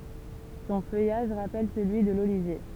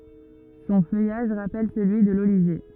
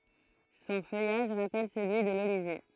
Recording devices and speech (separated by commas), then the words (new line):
temple vibration pickup, rigid in-ear microphone, throat microphone, read sentence
Son feuillage rappelle celui de l'olivier.